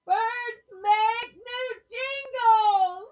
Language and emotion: English, happy